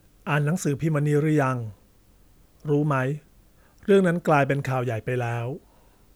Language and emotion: Thai, neutral